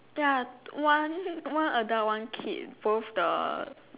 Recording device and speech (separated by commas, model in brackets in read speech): telephone, conversation in separate rooms